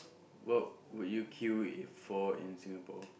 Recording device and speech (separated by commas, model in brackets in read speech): boundary microphone, conversation in the same room